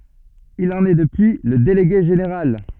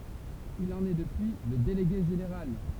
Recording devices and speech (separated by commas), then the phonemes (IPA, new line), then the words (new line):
soft in-ear microphone, temple vibration pickup, read sentence
il ɑ̃n ɛ dəpyi lə deleɡe ʒeneʁal
Il en est depuis le délégué général.